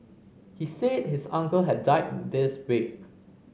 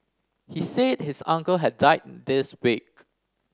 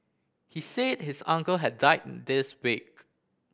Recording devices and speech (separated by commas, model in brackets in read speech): mobile phone (Samsung C5010), standing microphone (AKG C214), boundary microphone (BM630), read sentence